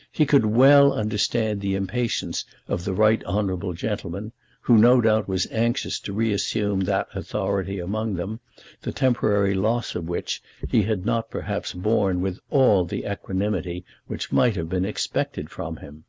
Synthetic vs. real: real